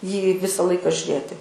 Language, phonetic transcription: Lithuanian, jį ˈvisa ˈlaika žiuˈrėti

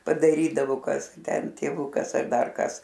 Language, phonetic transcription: Lithuanian, padaˈrydavo ˈkas gi ˈten tėˈvukas ar ˈdar ˈkas

